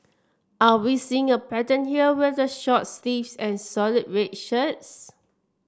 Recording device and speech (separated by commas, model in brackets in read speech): standing microphone (AKG C214), read sentence